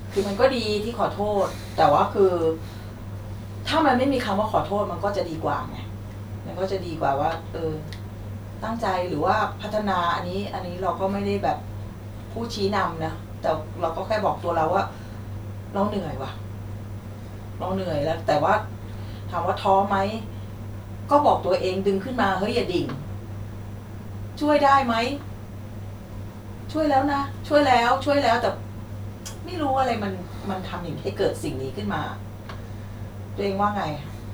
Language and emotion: Thai, frustrated